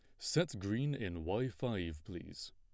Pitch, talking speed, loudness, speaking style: 100 Hz, 155 wpm, -39 LUFS, plain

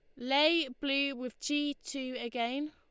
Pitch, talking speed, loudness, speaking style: 275 Hz, 145 wpm, -32 LUFS, Lombard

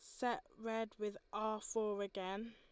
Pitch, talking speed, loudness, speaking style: 215 Hz, 155 wpm, -42 LUFS, Lombard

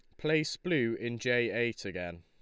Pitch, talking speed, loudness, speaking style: 120 Hz, 180 wpm, -32 LUFS, Lombard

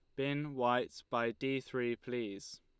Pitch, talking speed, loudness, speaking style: 125 Hz, 150 wpm, -37 LUFS, Lombard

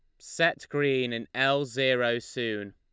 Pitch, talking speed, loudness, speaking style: 125 Hz, 140 wpm, -27 LUFS, Lombard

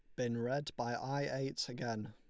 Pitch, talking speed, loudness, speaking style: 125 Hz, 190 wpm, -39 LUFS, Lombard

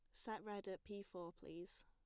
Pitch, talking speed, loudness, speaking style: 195 Hz, 215 wpm, -52 LUFS, plain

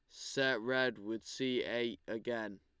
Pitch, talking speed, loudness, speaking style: 120 Hz, 150 wpm, -37 LUFS, Lombard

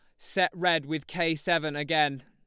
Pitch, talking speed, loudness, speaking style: 160 Hz, 175 wpm, -27 LUFS, Lombard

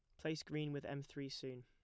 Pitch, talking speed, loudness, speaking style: 140 Hz, 250 wpm, -46 LUFS, plain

